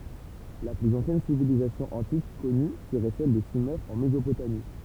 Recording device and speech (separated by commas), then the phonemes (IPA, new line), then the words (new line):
temple vibration pickup, read sentence
la plyz ɑ̃sjɛn sivilizasjɔ̃ ɑ̃tik kɔny səʁɛ sɛl də syme ɑ̃ mezopotami
La plus ancienne civilisation antique connue serait celle de Sumer en Mésopotamie.